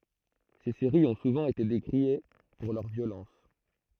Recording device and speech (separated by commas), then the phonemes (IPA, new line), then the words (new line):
throat microphone, read sentence
se seʁiz ɔ̃ suvɑ̃ ete dekʁie puʁ lœʁ vjolɑ̃s
Ces séries ont souvent été décriées pour leur violence.